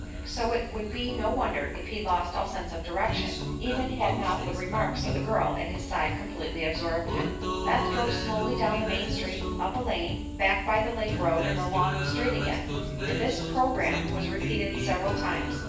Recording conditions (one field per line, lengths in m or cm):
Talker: one person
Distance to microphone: 9.8 m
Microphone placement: far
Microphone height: 1.8 m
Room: large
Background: music